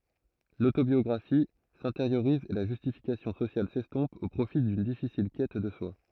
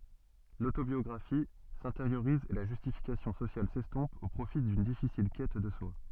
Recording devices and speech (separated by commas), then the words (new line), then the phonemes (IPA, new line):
throat microphone, soft in-ear microphone, read sentence
L’autobiographie s’intériorise et la justification sociale s’estompe au profit d’une difficile quête de soi.
lotobjɔɡʁafi sɛ̃teʁjoʁiz e la ʒystifikasjɔ̃ sosjal sɛstɔ̃p o pʁofi dyn difisil kɛt də swa